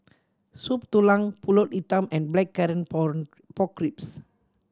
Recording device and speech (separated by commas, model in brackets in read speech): standing microphone (AKG C214), read sentence